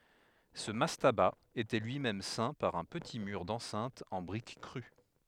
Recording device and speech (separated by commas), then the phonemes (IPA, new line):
headset microphone, read sentence
sə mastaba etɛ lyi mɛm sɛ̃ paʁ œ̃ pəti myʁ dɑ̃sɛ̃t ɑ̃ bʁik kʁy